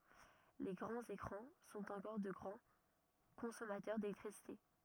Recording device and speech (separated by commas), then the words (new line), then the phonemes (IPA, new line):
rigid in-ear microphone, read sentence
Les grands écrans sont encore de grands consommateurs d’électricité.
le ɡʁɑ̃z ekʁɑ̃ sɔ̃t ɑ̃kɔʁ də ɡʁɑ̃ kɔ̃sɔmatœʁ delɛktʁisite